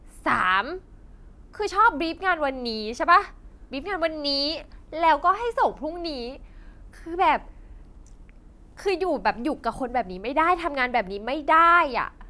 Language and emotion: Thai, frustrated